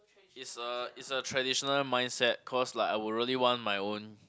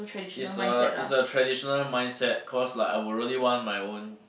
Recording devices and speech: close-talking microphone, boundary microphone, conversation in the same room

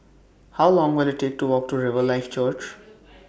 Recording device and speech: boundary microphone (BM630), read sentence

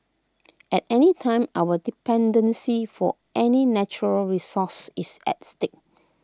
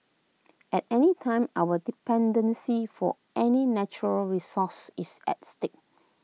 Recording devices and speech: close-talking microphone (WH20), mobile phone (iPhone 6), read sentence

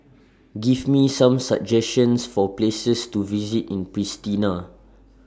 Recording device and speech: standing microphone (AKG C214), read sentence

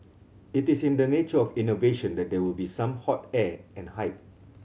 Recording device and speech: mobile phone (Samsung C7100), read sentence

